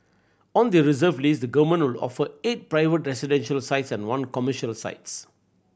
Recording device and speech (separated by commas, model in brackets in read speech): boundary microphone (BM630), read sentence